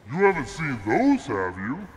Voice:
ominous voice